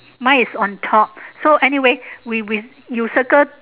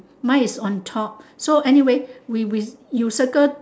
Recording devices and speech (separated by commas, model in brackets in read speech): telephone, standing microphone, conversation in separate rooms